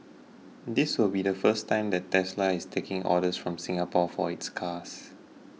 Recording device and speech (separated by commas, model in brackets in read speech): mobile phone (iPhone 6), read sentence